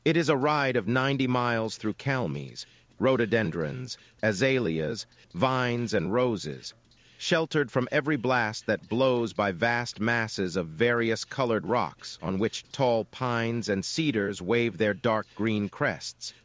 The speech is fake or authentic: fake